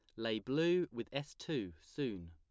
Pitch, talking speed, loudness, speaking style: 115 Hz, 170 wpm, -39 LUFS, plain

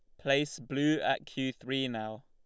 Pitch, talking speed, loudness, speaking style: 135 Hz, 175 wpm, -32 LUFS, Lombard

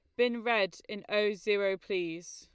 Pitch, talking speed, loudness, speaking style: 205 Hz, 170 wpm, -31 LUFS, Lombard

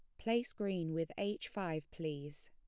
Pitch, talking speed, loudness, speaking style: 170 Hz, 160 wpm, -40 LUFS, plain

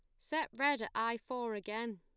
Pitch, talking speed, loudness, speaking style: 230 Hz, 205 wpm, -37 LUFS, plain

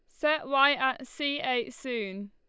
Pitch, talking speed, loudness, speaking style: 265 Hz, 170 wpm, -28 LUFS, Lombard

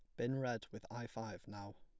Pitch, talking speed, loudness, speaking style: 110 Hz, 230 wpm, -45 LUFS, plain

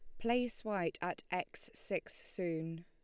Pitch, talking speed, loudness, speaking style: 200 Hz, 135 wpm, -39 LUFS, Lombard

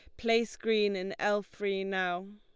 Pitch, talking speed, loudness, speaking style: 205 Hz, 165 wpm, -31 LUFS, Lombard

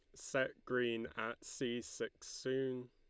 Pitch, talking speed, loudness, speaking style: 125 Hz, 135 wpm, -41 LUFS, Lombard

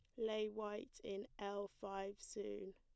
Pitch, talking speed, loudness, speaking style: 205 Hz, 140 wpm, -47 LUFS, plain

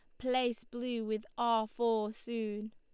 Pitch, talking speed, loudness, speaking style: 230 Hz, 140 wpm, -35 LUFS, Lombard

